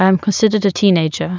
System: none